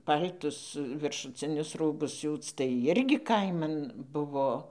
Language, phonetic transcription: Lithuanian, ˈpal'tus viršuˈcinius ˈrūbus ˈsiūc tai ˈirgi ˈkaiman ˈbuvo

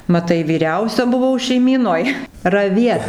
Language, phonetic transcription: Lithuanian, maˈtai vyˈriausia buˈvau šeiˈmynoj raˈviet

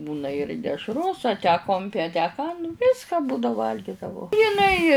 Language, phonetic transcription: Lithuanian, ˈbūna ir dešˈros a tę ˈkompi a tę ˈką ˈviska ˈbūda ˈvalgidavau jiˈnai

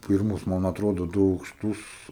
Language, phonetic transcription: Lithuanian, ˈpirmus ˈman atˈrodo ˈdu aukˈštus

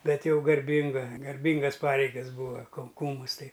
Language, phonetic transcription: Lithuanian, ˈbet ˈjau garˈbinga garˈbingas ˈpareigas ˈbūva kau ˈkūmus ˈtai

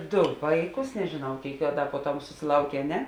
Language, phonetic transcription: Lithuanian, ˈdu ˈvaiˌkus nežiˈnau ˈkėik a ˈda puoˈtam susiˈlaukė a ˈne

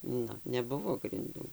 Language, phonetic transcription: Lithuanian, ˈnu neˈbuvo grinˈdų

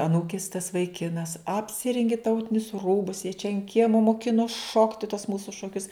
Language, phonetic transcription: Lithuanian, aˈnūkis tas vaiˈkinas apˈsirengi ˈtautinius ˈrūbus jie čia an kiema moˈkinos ˈšokti tuos ˈmūsu šoˈkius

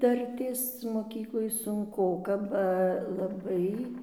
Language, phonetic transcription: Lithuanian, ˈdartės moˈkykloj sunˈkoka ba laˈbai

